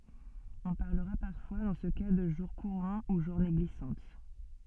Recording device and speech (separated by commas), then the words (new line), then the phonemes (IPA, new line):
soft in-ear microphone, read sentence
On parlera parfois dans ce cas de jour courant ou journée glissante.
ɔ̃ paʁləʁa paʁfwa dɑ̃ sə ka də ʒuʁ kuʁɑ̃ u ʒuʁne ɡlisɑ̃t